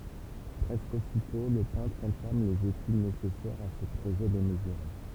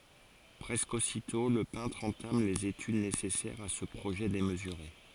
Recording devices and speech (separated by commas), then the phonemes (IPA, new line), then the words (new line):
temple vibration pickup, forehead accelerometer, read sentence
pʁɛskə ositɔ̃ lə pɛ̃tʁ ɑ̃tam lez etyd nesɛsɛʁz a sə pʁoʒɛ demzyʁe
Presque aussitôt, le peintre entame les études nécessaires à ce projet démesuré.